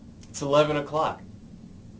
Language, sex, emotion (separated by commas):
English, male, neutral